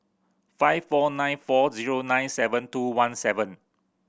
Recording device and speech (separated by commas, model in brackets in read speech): boundary microphone (BM630), read sentence